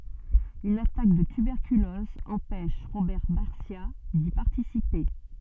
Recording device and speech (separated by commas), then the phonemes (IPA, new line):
soft in-ear microphone, read sentence
yn atak də tybɛʁkylɔz ɑ̃pɛʃ ʁobɛʁ baʁsja di paʁtisipe